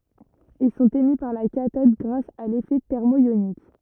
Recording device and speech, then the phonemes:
rigid in-ear microphone, read sentence
il sɔ̃t emi paʁ la katɔd ɡʁas a lefɛ tɛʁmɔjonik

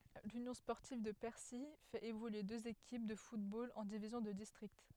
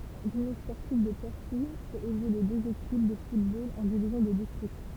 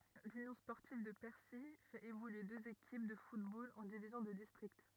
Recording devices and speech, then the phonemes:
headset microphone, temple vibration pickup, rigid in-ear microphone, read sentence
lynjɔ̃ spɔʁtiv də pɛʁsi fɛt evolye døz ekip də futbol ɑ̃ divizjɔ̃ də distʁikt

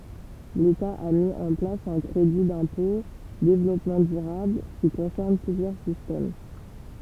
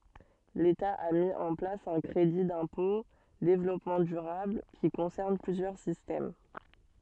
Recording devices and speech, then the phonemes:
temple vibration pickup, soft in-ear microphone, read sentence
leta a mi ɑ̃ plas œ̃ kʁedi dɛ̃pɔ̃ devlɔpmɑ̃ dyʁabl ki kɔ̃sɛʁn plyzjœʁ sistɛm

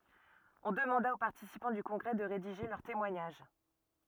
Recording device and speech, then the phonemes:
rigid in-ear microphone, read sentence
ɔ̃ dəmɑ̃da o paʁtisipɑ̃ dy kɔ̃ɡʁɛ də ʁediʒe lœʁ temwaɲaʒ

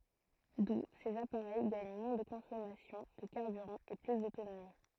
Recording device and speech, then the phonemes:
throat microphone, read sentence
du sez apaʁɛj ɡaɲ mwɛ̃ də kɔ̃sɔmasjɔ̃ də kaʁbyʁɑ̃ e ply dotonomi

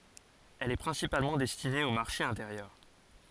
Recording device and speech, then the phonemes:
forehead accelerometer, read sentence
ɛl ɛ pʁɛ̃sipalmɑ̃ dɛstine o maʁʃe ɛ̃teʁjœʁ

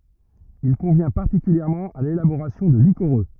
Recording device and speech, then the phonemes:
rigid in-ear microphone, read sentence
il kɔ̃vjɛ̃ paʁtikyljɛʁmɑ̃ a lelaboʁasjɔ̃ də likoʁø

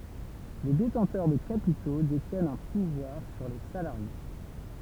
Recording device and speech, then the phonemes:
temple vibration pickup, read sentence
le detɑ̃tœʁ də kapito detjɛnt œ̃ puvwaʁ syʁ le salaʁje

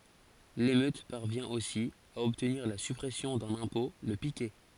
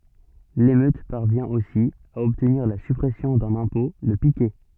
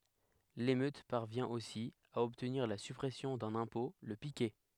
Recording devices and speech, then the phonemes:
forehead accelerometer, soft in-ear microphone, headset microphone, read sentence
lemøt paʁvjɛ̃ osi a ɔbtniʁ la sypʁɛsjɔ̃ dœ̃n ɛ̃pɔ̃ lə pikɛ

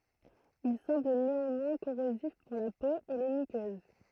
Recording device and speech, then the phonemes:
throat microphone, read sentence
il sɑ̃bl neɑ̃mwɛ̃ koʁozif puʁ la po e le mykøz

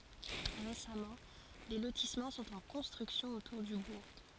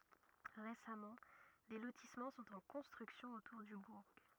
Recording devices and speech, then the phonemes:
forehead accelerometer, rigid in-ear microphone, read sentence
ʁesamɑ̃ de lotismɑ̃ sɔ̃t ɑ̃ kɔ̃stʁyksjɔ̃ otuʁ dy buʁ

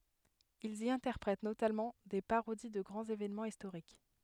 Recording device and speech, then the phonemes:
headset microphone, read sentence
ilz i ɛ̃tɛʁpʁɛt notamɑ̃ de paʁodi də ɡʁɑ̃z evenmɑ̃z istoʁik

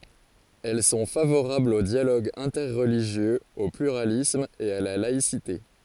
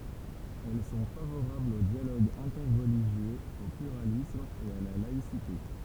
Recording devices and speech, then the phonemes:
forehead accelerometer, temple vibration pickup, read sentence
ɛl sɔ̃ favoʁablz o djaloɡ ɛ̃tɛʁliʒjøz o plyʁalism e a la laisite

